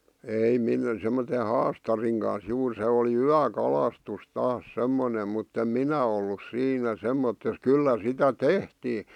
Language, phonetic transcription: Finnish, ei 'min- , semmote "haastariŋ kans 'juur 'se olì "yä'kalastus 'taas "semmonem mutt ‿em "minä ollus 'siinä "semmottes "kyllä 'sitä "tehtii .
- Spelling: ei - semmoisen haastarin kanssa juuri se oli yökalastus taas semmoinen mutta en minä ollut siinä semmoisessa kyllä sitä tehtiin

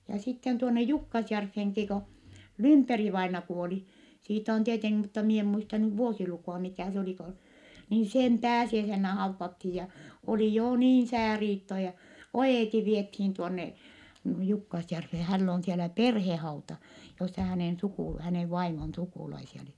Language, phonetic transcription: Finnish, ja sitten tuonne Jukkasjärffeŋki ko , Lymperi-vaina kuoli , siit ‿on tieteŋki mutta mie em muista nyv vuosilukù₍a mikä̀ s ‿olì ko , nii sem pääsiäisennä hauvvathij ja , oli joo niin̬ sääriitto ja , o₍èti viethiin tuonne , Jukkasjärffee - häll ‿oon̬ sielä perhehauta , jossa hänèn sukù- , hänèv vaimon sukùlaisia oli .
- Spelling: ja sitten tuonne Jukkasjärveenkin kun Lymperi-vainaja kuoli siitä on tietenkin mutta minä en muista nyt vuosilukua mikä se oli kun niin sen pääsiäisenä haudattiin ja oli jo niin sääriitto ja oieti vietiin tuonne Jukkasjärveen hänellä on siellä perhehauta jossa hänen - hänen vaimon sukulaisia oli

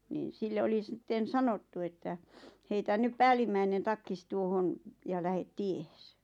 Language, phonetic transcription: Finnish, nìn̬ 'sille oli 'stten̬ "sanottu että , » heitä 'nyp "päälimmäinen 'takkis 'tuohon , ja 'lähet "tiehes « .
- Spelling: niin sille oli sitten sanottu että heitä nyt päällimmäinen takkisi tuohon ja lähde tiehesi

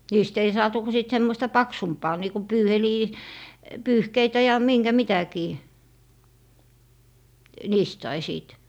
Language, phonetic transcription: Finnish, 'niist ‿ei "saatu ku sìt 'semmoⁱsta "paksumpaa niiku "pyyhelii- , "pyyhkeitä ja "miŋGä 'mitäkii , 'niist sai 'sìt .
- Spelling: niistä ei saatu kuin sitten semmoista paksumpaa niin kuin - pyyhkeitä ja minkä mitäkin niistä sai sitten

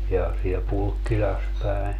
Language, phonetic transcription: Finnish, ja , siel 'Pulkkilas päi .
- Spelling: ja siellä Pulkkilassa päin

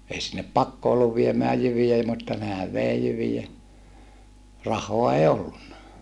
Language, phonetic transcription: Finnish, ei sinnep pakko olluv viemää jyvij ‿ei mutta nehäv vèi jyvijä , rah̀oa èi ollunna .
- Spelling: ei sinne pakko ollut viemään jyviä ei mutta nehän vei jyviä rahaa ei ollut

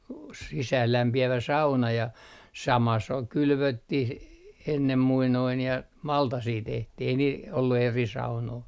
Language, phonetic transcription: Finnish, s - sisäällämpi₍ävä 'sauna ja , "sama s ‿ol 'kylvöttih , 'ennem 'muinoin ja , 'maltasii tehtih ‿ei niil ollu 'eri 'saunoi .
- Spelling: - sisäänlämpiävä sauna ja sama se oli kylvettiin ennen muinoin ja maltasia tehtiin ei niillä ollut eri saunoja

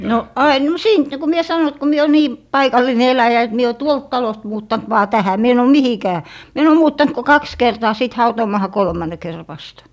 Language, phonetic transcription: Finnish, no "ain , m- , "siint niku mie 'sano et ko 'mie o 'nii , "paikal̀ine 'eläjä et mie o "tuolt 'talost muuttant vaa 'tähä mie en ‿ò "mihikää , mie en ‿o 'muuttant ko "kaks 'kertaa sit 'hautoomaaha 'kolmànne kerrᵃ vastA .
- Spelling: no aina - siitä niin kuin minä sanoin että kun minä olen niin paikallinen eläjä että minä olen tuolta talosta muuttanut vain tähän minä en ole mihinkään minä en ole muuttanut kuin kaksi kertaa sitten hautuumaahan kolmannen kerran vasta

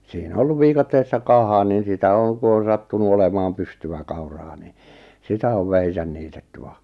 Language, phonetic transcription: Finnish, sii'n ‿o 'olluv "viikatteessa 'kaha nin̬ sitä 'oŋ ku on̬ sattunu 'olemaam 'pystyvä kauraa ni , 'sitä ov 'vähisän 'niitetty va .
- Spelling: siinä on ollut viikatteessa kaha niin sitä on kun on sattunut olemaan pystyä kauraa niin sitä on vähinsä niitetty vaan

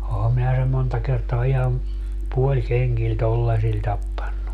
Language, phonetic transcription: Finnish, 'oham minä sem̆ 'monta kertoa 'ihan , "puoĺkeŋGil "tollasil 'tappannu .
- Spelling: olenhan minä sen monta kertaa ihan puolikengillä tuollaisilla tappanut

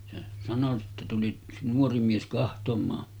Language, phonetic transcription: Finnish, se sano sitte 'tuli , yks 'nuori 'mies kahtom̀aa .
- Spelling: se sanoi sitten tuli yksi nuori mies katsomaan

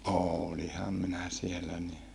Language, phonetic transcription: Finnish, ooliham minä siellä ni .
- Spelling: olinhan minä siellä niin

